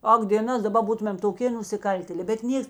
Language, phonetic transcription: Lithuanian, ˈak dėˈnas daˈba ˈbūtumėm toˈkė nusiˈkaltėle bet ˈnieks

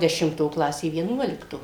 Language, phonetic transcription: Lithuanian, dešimˈto ˈklasė vieˈnuolikto

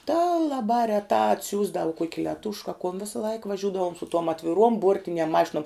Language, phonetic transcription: Lithuanian, tā laˈbā reˈtā atˈsiųsdav kuok' leˈtušk a kun ˈvisaˈlaik vaˈžiudavom su tuom atviˈruom ˈbuortiniem ˈmašinuom

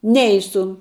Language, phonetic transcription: Lithuanian, ˈneisu

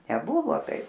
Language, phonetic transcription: Lithuanian, neˈbuvo ˈtaip

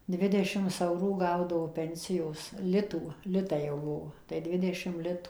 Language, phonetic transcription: Lithuanian, ˈdvidešims ˈaurų ˈgaudavo ˈpensijos ˈlitų ˈlitai jau ˈbuvo tai ˈdvidešim ˈlitu

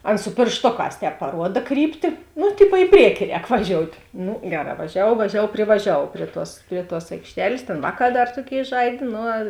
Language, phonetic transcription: Lithuanian, ˈan su pėršˈtoˌkās ˈtēp paˈruoda ˈkrypti ˈnu ˈtipo i ˈprieki ˈrēk vaˈžiout' ˈnu ˈgeˌrā vaˈžiavuov vaˈžiavuov privaˈžiavuov ˈprie ˌtuos ˈprie ˌtuos aikšˈtelės ˈtėn ˈvāˌkā ˈdar ˈtuoˌkėi ˈžaidė ˈnu

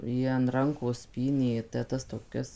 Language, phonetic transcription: Lithuanian, ˈjie an ˈrankos ˈpynė te ˈtas toˈkias

